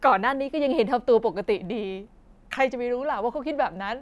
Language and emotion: Thai, sad